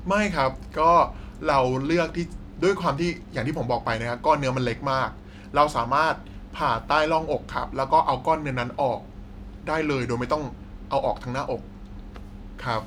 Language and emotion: Thai, neutral